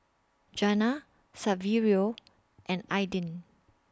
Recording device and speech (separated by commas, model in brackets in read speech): standing microphone (AKG C214), read sentence